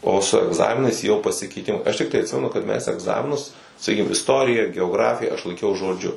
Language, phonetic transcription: Lithuanian, ˈo su egˈzaminais jau pasikeiˈtimai aš ˈtiktai atˈsimenu kad ˈmes egˈzaminus saˈkykim isˈtorija geoˈgrafija aš laikˈiau žoˈdžiu

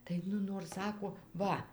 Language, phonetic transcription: Lithuanian, tai ˈnu nor ˈsako ˈva

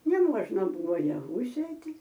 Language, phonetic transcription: Lithuanian, neˈmuožna ˈbuvo jaˈvų ˈsėti

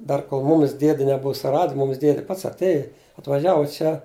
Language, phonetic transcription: Lithuanian, ˈdar kol ˈmūmis ˈdiedi neˈbuu suˈrad ˈmumis ˈdiedi ˈpats atˈėji atvaˈžiavu ˈčia

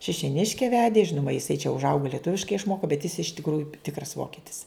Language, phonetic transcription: Lithuanian, šišioˈniške ˈvedė ˈžinuma jiˈsai čia užˈaugo lieˈtuviškai išˈmoko bet jis iš tikˈrųju ˈtikras ˈvokitis

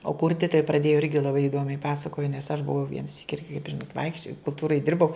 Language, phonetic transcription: Lithuanian, o ˈkurti tai praˈdėjo ˈirgi laˈbai iˈdomiai ˈpasakojo nes aš buˈvau viena ˈsyki ˈirgi kaip ˈžinot ˈvaikščiojau kulˈtūrai ˈdirbau

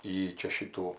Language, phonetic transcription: Lithuanian, ˈjy ˈčia ˈšytų

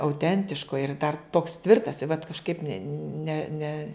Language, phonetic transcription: Lithuanian, auˈtentiško ir dar toks ˈtvirtas i vat kažˈkaip ne ne ne

